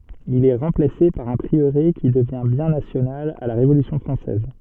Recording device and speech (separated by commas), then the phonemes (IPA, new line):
soft in-ear microphone, read sentence
il ɛ ʁɑ̃plase paʁ œ̃ pʁiøʁe ki dəvjɛ̃ bjɛ̃ nasjonal a la ʁevolysjɔ̃ fʁɑ̃sɛz